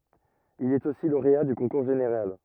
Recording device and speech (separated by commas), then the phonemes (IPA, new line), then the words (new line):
rigid in-ear microphone, read sentence
il ɛt osi loʁea dy kɔ̃kuʁ ʒeneʁal
Il est aussi lauréat du concours général.